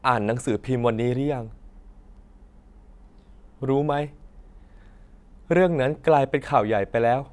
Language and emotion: Thai, sad